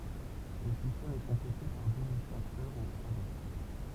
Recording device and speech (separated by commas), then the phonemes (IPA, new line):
temple vibration pickup, read sentence
lə sistɛm ɛ kɔ̃plete paʁ døz ɛkstɛ̃ktœʁz o alɔ̃